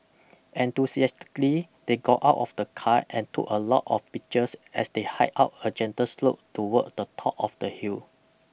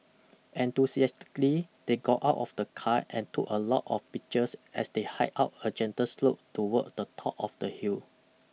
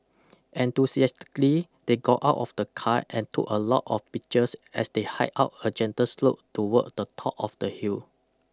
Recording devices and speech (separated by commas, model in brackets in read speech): boundary microphone (BM630), mobile phone (iPhone 6), close-talking microphone (WH20), read sentence